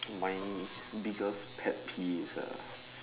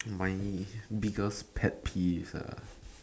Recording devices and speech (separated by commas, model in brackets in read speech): telephone, standing microphone, conversation in separate rooms